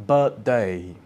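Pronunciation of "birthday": In 'birthday', the r is silent.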